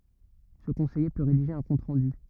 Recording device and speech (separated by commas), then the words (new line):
rigid in-ear microphone, read sentence
Ce conseiller peut rédiger un compte-rendu.